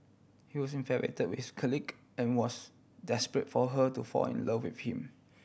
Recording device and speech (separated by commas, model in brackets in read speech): boundary microphone (BM630), read sentence